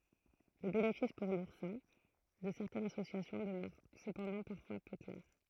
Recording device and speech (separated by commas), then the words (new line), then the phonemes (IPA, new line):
throat microphone, read sentence
Le bénéfice pour l'oursin de certaines associations demeure cependant parfois peu clair.
lə benefis puʁ luʁsɛ̃ də sɛʁtɛnz asosjasjɔ̃ dəmœʁ səpɑ̃dɑ̃ paʁfwa pø klɛʁ